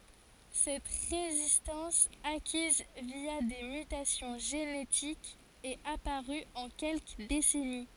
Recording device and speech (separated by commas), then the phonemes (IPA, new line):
forehead accelerometer, read sentence
sɛt ʁezistɑ̃s akiz vja de mytasjɔ̃ ʒenetikz ɛt apaʁy ɑ̃ kɛlkə desɛni